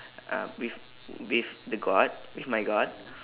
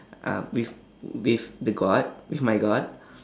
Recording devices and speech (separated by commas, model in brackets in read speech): telephone, standing microphone, conversation in separate rooms